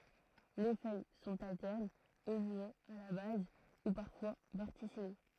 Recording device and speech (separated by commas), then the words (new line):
throat microphone, read sentence
Les feuilles sont alternes, au moins à la base, ou parfois verticillées.